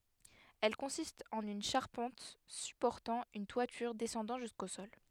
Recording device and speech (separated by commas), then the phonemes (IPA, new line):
headset microphone, read sentence
ɛl kɔ̃sistt ɑ̃n yn ʃaʁpɑ̃t sypɔʁtɑ̃ yn twatyʁ dɛsɑ̃dɑ̃ ʒysko sɔl